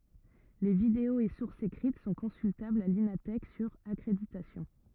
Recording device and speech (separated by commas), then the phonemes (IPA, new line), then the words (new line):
rigid in-ear microphone, read sentence
le videoz e suʁsz ekʁit sɔ̃ kɔ̃syltablz a lina tɛk syʁ akʁeditasjɔ̃
Les vidéos et sources écrites sont consultables à l’Ina Thèque, sur accréditation.